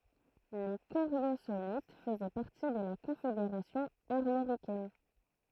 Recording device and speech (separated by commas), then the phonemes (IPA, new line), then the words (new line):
throat microphone, read sentence
le koʁjozolit fəzɛ paʁti də la kɔ̃fedeʁasjɔ̃ aʁmoʁikɛn
Les Coriosolites faisaient partie de la Confédération armoricaine.